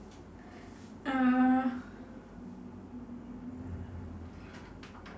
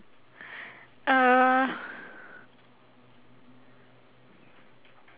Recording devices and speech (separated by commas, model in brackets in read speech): standing microphone, telephone, conversation in separate rooms